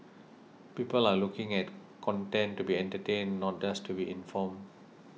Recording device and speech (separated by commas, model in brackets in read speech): mobile phone (iPhone 6), read sentence